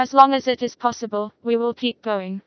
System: TTS, vocoder